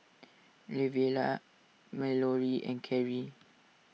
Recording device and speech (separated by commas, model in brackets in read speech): mobile phone (iPhone 6), read sentence